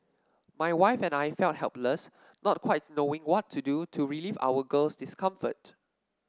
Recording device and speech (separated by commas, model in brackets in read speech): standing microphone (AKG C214), read sentence